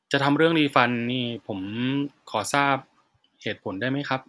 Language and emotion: Thai, neutral